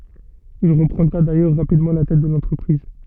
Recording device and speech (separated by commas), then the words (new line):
soft in-ear microphone, read sentence
Il reprendra d'ailleurs rapidement la tête de l'entreprise.